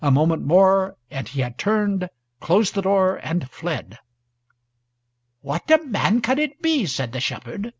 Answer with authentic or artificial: authentic